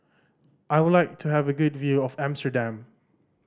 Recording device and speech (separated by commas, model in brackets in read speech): standing microphone (AKG C214), read sentence